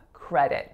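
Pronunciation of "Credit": In 'credit', the d does not make a d sound; it is said as an alveolar flap.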